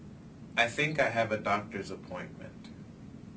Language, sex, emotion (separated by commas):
English, male, neutral